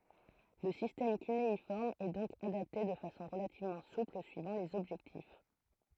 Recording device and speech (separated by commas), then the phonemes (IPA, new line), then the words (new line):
throat microphone, read sentence
lə sistɛm kyneifɔʁm ɛ dɔ̃k adapte də fasɔ̃ ʁəlativmɑ̃ supl syivɑ̃ lez ɔbʒɛktif
Le système cunéiforme est donc adapté de façon relativement souple suivant les objectifs.